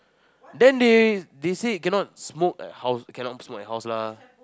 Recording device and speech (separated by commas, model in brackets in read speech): close-talking microphone, conversation in the same room